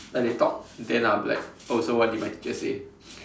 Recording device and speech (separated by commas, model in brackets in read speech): standing microphone, conversation in separate rooms